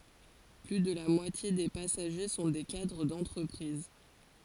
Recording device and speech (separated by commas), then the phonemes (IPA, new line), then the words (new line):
forehead accelerometer, read sentence
ply də la mwatje de pasaʒe sɔ̃ de kadʁ dɑ̃tʁəpʁiz
Plus de la moitié des passagers sont des cadres d'entreprises.